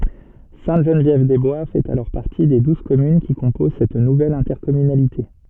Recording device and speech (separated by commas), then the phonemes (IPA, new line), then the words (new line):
soft in-ear microphone, read sentence
sɛ̃təʒənvjɛvdɛzbwa fɛt alɔʁ paʁti de duz kɔmyn ki kɔ̃poz sɛt nuvɛl ɛ̃tɛʁkɔmynalite
Sainte-Geneviève-des-Bois fait alors partie des douze communes qui composent cette nouvelle intercommunalité.